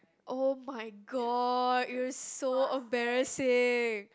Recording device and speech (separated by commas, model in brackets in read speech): close-talking microphone, conversation in the same room